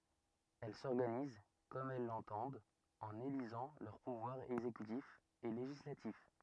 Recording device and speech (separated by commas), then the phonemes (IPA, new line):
rigid in-ear microphone, read sentence
ɛl sɔʁɡaniz kɔm ɛl lɑ̃tɑ̃dt ɑ̃n elizɑ̃ lœʁ puvwaʁz ɛɡzekytif e leʒislatif